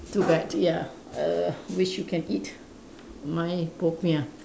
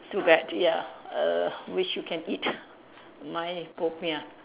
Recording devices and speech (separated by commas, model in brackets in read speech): standing microphone, telephone, conversation in separate rooms